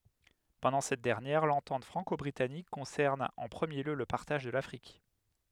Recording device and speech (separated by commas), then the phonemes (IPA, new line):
headset microphone, read sentence
pɑ̃dɑ̃ sɛt dɛʁnjɛʁ lɑ̃tɑ̃t fʁɑ̃kɔbʁitanik kɔ̃sɛʁn ɑ̃ pʁəmje ljø lə paʁtaʒ də lafʁik